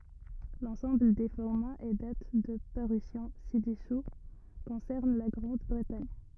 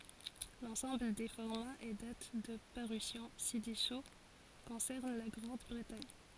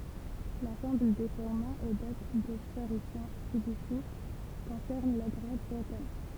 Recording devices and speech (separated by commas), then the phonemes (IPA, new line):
rigid in-ear microphone, forehead accelerometer, temple vibration pickup, read sentence
lɑ̃sɑ̃bl de fɔʁmaz e dat də paʁysjɔ̃ sidɛsu kɔ̃sɛʁn la ɡʁɑ̃dbʁətaɲ